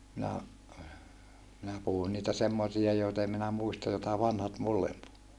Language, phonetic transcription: Finnish, minä , minä puhun niitä semmosia joita em minä muista jota vanhat mullem puhu .
- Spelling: minä minä puhun niitä semmoisia joita en minä muista jota vanhat minulle puhui

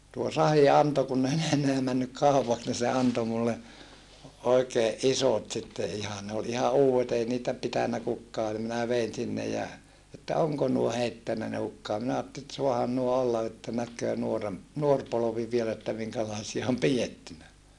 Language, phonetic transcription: Finnish, tuo Sahi anto kunn ‿ei ne enneä männyk kàupaks ni se anto mulle , oikeeʼ ʼisot sitte ihan ne ol iha uuwet ‿ei niitä , pitännä kukkaa nim minä vein sinne ja , että oŋko nuo heittännä ne hukkaa minä aatteli et suahan nuo olla että näk̀öö nuorem- , nuor polovi viel ‿että miŋkälaasia om pijettynä .
- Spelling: tuo Sahi antoi kun ei ne enää mennyt kaupaksi niin se antoi minulle oikein isot sitten ihan ne oli ihan uudet ei niitä pitänyt kukaan niin minä vein sinne ja että onko nuo heittänyt ne hukkaan minä ajattelin että saahan nuo olla että näkee - nuori polvi vielä että minkälaisia on pidetty

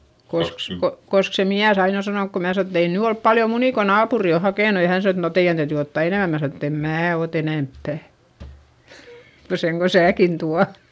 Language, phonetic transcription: Finnish, kosk , ko- , kosk se miäs ‿ain ‿o sanonk ko mää sano et » ei nyy olp paljo munì ko naapuri o hakènu » ja hän sano et » no teiʲän täytỳ ottà enèmä » - mää sano ett‿ » em mää ot ‿enemppä̀ , ko seŋ ko sääkin tua » .
- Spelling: koska - koska se mies aina on sanonut kun minä sanon että ei nyt ole paljon munia kun naapuri on hakenut ja hän sanoo että no teidän täytyy ottaa enemmän minä sanon että en minä ota enempää kuin sen kun sinäkin tuolla

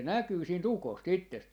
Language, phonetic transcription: Finnish, 'se "näkyy 'siin"t ‿ukos't ‿ittest .
- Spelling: se näkyy siitä ukosta itsestä

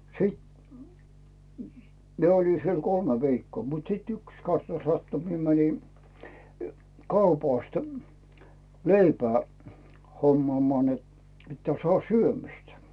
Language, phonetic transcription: Finnish, sìt , 'mie oĺi siel "kolme 'viikkoo mut sìt "yks 'kasna 'sattu mie 'mäni , "kaupàst , "leipää , 'hommᵒàmᵒà net , pittää sᵒàh "syömistä .
- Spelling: siten minä olin siellä kolme viikkoa mutta sitten yksi kasna sattui minä menin kaupasta leipää hommaamaan että pitää saada syömistä

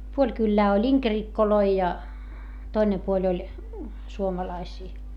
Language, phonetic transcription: Finnish, puoĺ kyllää oĺ ‿iŋkerikkoloi ja , toine puoĺ ‿oĺ , suomalaisii .
- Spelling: puoli kylää oli inkerikkoja ja toinen puoli oli suomalaisia

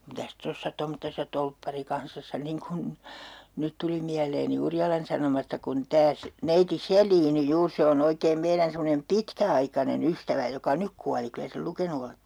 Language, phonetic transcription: Finnish, - - - mitäs 'tossa tomttesa 'tolpparikansassa 'niŋ kun , 'nyt tuli miäleeni 'Urjalan Sanomasta kun 'tää se- , 'neiti "Sel̀iini 'juur se o'n ‿oikeem 'meirän semmonem "pitkä₍aikane'n ‿ystävä 'joka "nyk kuali 'kylä sel 'lukenu olette .
- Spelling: mitäs tuossa tommoisessa torpparikansassa niin kuin nyt tuli mieleeni Urjalan Sanomasta kun tämä - neiti Selin juuri se on oikein meidän semmoinen pitkäaikainen ystävä joka nyt kuoli kyllä sen lukenut olette

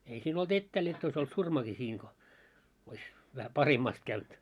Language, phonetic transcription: Finnish, ei siin ‿ol't ‿ettääl jott ‿ois ‿olt 'surmaki siiŋ ko , ois , vähä "pahemmast käynt .
- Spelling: ei siinä ollut etäällä jotta olisi ollut surmakin siinä kun olisi vähän pahemmasti käynyt

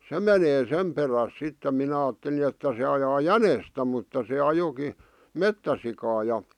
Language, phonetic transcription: Finnish, se menee 'sem peräs sitte 'minä aatteli että se ajaa "jänestä mutta se 'ajoki , "mettäsikaa ja .
- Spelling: se menee sen perässä sitten minä ajattelin että se ajaa jänistä mutta se ajoikin metsäsikaa ja

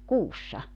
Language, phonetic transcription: Finnish, "kuussa .
- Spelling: kuussa

